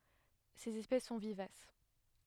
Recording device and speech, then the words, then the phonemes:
headset microphone, read sentence
Ses espèces sont vivaces.
sez ɛspɛs sɔ̃ vivas

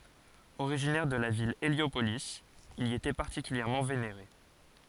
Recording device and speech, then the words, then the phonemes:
forehead accelerometer, read sentence
Originaire de la ville Héliopolis, il y était particulièrement vénéré.
oʁiʒinɛʁ də la vil eljopoli il i etɛ paʁtikyljɛʁmɑ̃ veneʁe

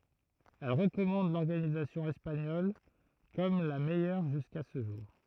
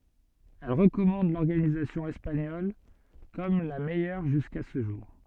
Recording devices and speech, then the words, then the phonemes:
throat microphone, soft in-ear microphone, read sentence
Elle recommande l'organisation espagnole comme la meilleure jusqu'à ce jour.
ɛl ʁəkɔmɑ̃d lɔʁɡanizasjɔ̃ ɛspaɲɔl kɔm la mɛjœʁ ʒyska sə ʒuʁ

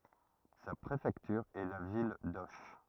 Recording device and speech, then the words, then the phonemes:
rigid in-ear microphone, read sentence
Sa préfecture est la ville d'Auch.
sa pʁefɛktyʁ ɛ la vil doʃ

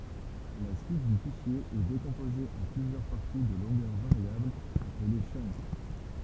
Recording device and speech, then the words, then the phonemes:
temple vibration pickup, read sentence
La suite du fichier est décomposée en plusieurs parties de longueurs variables, appelées chunk.
la syit dy fiʃje ɛ dekɔ̃poze ɑ̃ plyzjœʁ paʁti də lɔ̃ɡœʁ vaʁjablz aple tʃœnk

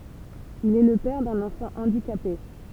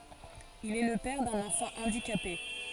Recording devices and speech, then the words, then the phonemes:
temple vibration pickup, forehead accelerometer, read sentence
Il est le père d'un enfant handicapé.
il ɛ lə pɛʁ dœ̃n ɑ̃fɑ̃ ɑ̃dikape

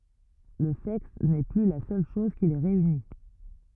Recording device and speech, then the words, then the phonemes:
rigid in-ear microphone, read sentence
Le sexe n'est plus la seule chose qui les réunit.
lə sɛks nɛ ply la sœl ʃɔz ki le ʁeyni

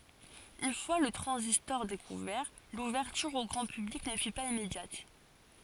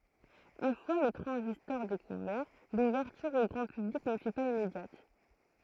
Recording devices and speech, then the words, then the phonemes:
forehead accelerometer, throat microphone, read sentence
Une fois le transistor découvert, l'ouverture au grand public ne fut pas immédiate.
yn fwa lə tʁɑ̃zistɔʁ dekuvɛʁ luvɛʁtyʁ o ɡʁɑ̃ pyblik nə fy paz immedjat

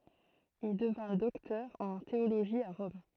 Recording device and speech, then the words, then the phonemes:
throat microphone, read sentence
Il devint docteur en théologie à Rome.
il dəvɛ̃ dɔktœʁ ɑ̃ teoloʒi a ʁɔm

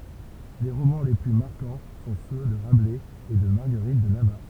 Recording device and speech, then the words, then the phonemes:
temple vibration pickup, read sentence
Les romans les plus marquants sont ceux de Rabelais et de Marguerite de Navarre.
le ʁomɑ̃ le ply maʁkɑ̃ sɔ̃ sø də ʁablɛz e də maʁɡəʁit də navaʁ

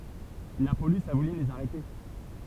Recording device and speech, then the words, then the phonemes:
temple vibration pickup, read sentence
La police a voulu les arrêter.
la polis a vuly lez aʁɛte

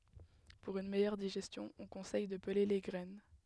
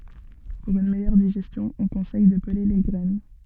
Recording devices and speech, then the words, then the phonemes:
headset microphone, soft in-ear microphone, read sentence
Pour une meilleure digestion, on conseille de peler les graines.
puʁ yn mɛjœʁ diʒɛstjɔ̃ ɔ̃ kɔ̃sɛj də pəle le ɡʁɛn

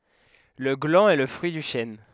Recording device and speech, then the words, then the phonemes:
headset microphone, read sentence
Le gland est le fruit du chêne.
lə ɡlɑ̃ ɛ lə fʁyi dy ʃɛn

